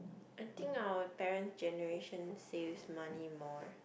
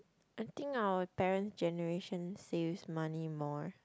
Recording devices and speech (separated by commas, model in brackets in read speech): boundary microphone, close-talking microphone, conversation in the same room